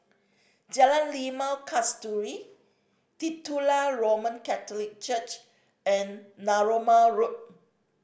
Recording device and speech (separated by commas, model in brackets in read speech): boundary microphone (BM630), read sentence